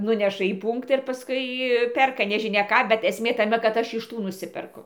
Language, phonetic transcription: Lithuanian, ˈnuneša į ˈpūnktą ir pasˈkui ˈperka nežiˈnia ˈką bet esˈmė taˈme kad ˈaš iš ˈtų nuˈsiperku

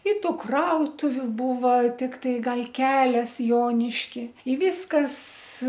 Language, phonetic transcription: Lithuanian, i ˈtų ˈkrautuviu ˈbūva tikˈtai ˈgal ˈkelias ˈjoniški y ˈvyskas

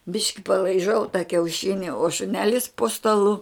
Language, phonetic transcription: Lithuanian, ˈbiški palaiˈžau ta kiauˈšini o šuˈnelis po staˈlu

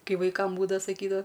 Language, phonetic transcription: Lithuanian, ˈkai vaiˈkam ˈbūdava saˈkydava

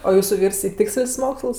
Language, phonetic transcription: Lithuanian, o ˈjūsu ˈvyrs i ˈtiks'l's' ˈmoksls

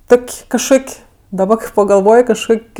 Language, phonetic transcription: Lithuanian, ˈtok' kažˈkok' daˈba pagalˈvoj kažˈkok'

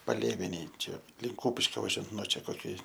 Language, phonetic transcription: Lithuanian, paˈlėvenėj ˈčia ˈlink ˈkūpiškio vaˈžiuojant nuo ˈčia koˈki

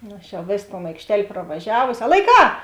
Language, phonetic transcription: Lithuanian, ˈnu aš jau ˈvės ton aikšˈtel' pravaˈžiavosi a laiˈkā

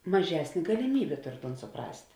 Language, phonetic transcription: Lithuanian, maˈžesnė galiˈmybė ˈtor ton suˈprast'

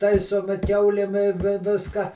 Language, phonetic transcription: Lithuanian, ˈtaisomi ˈkiaulėm i ˈvi ˈviska

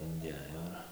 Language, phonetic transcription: Lithuanian, inˈdėjo ir

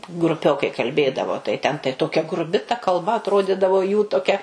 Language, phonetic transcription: Lithuanian, gruˈpiokai kalˈbėdavo tai ˈten tai ˈtokia gruˈbi ta kalˈba atˈrodidavo jų toˈkia

